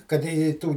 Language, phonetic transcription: Lithuanian, kad ˈi i ˈtų

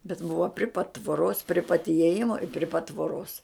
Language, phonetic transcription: Lithuanian, bet ˈbuva pri pat tvoˈros pri pat ieˈjimo i pri pat tvoˈros

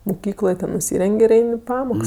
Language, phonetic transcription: Lithuanian, muˈkykloj ten nuˈsyren'g' ir ˈein' i ˈpamoks

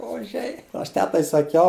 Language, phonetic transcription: Lithuanian, oˈžiai aš ˈtetai saˈkiau

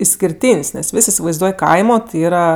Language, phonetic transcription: Lithuanian, iskirˈtyn's' nes ˈvis' isivaizˈduoj ˈkaimo ˈyra

